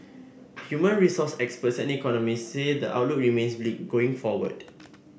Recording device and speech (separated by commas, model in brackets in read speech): boundary microphone (BM630), read sentence